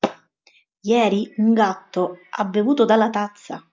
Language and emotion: Italian, surprised